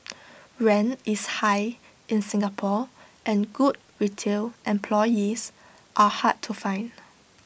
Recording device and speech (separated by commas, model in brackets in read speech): boundary microphone (BM630), read sentence